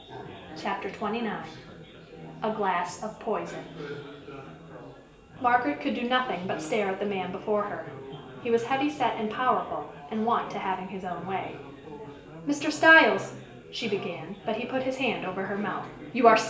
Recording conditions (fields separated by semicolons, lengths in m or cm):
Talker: one person; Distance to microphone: 1.8 m; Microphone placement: close; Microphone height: 1.0 m; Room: large; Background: babble